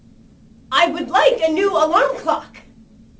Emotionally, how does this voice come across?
angry